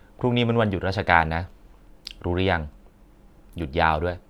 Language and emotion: Thai, neutral